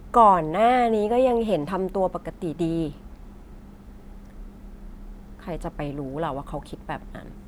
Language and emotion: Thai, frustrated